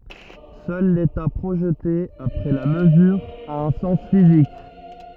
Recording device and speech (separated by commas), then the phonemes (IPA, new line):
rigid in-ear microphone, read sentence
sœl leta pʁoʒte apʁɛ la məzyʁ a œ̃ sɑ̃s fizik